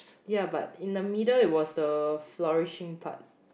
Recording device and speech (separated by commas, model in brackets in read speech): boundary microphone, conversation in the same room